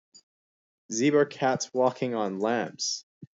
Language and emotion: English, happy